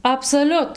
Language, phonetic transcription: Lithuanian, absoˈliut

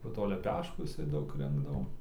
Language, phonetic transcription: Lithuanian, po ˈto leˈpeškų jiˈsai ˈdaug ˈrinkdavo

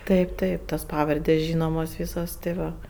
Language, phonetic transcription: Lithuanian, ˈtaip ˈtaip tos ˈpavardės' ˈžynomos ˈvysos tė ˈva

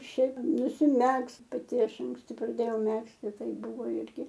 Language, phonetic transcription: Lithuanian, ˈšiaip nusiˈmegzt paˈti ˈaš anksˈti praˈdėjau ˈmegzti ˈtai ˈbuvo ˈirgi

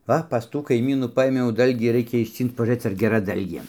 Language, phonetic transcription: Lithuanian, ˈva pas ˈtų kaiˈmynų ˈpaėmiau ˈdalgį ˈraikia išˈcync pažūˈrɘc ar geˈra ˈdalgė

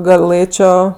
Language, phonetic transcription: Lithuanian, gaˈlɘčio

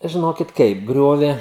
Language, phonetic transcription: Lithuanian, žiˈnokit ˈkaip ˈgriove

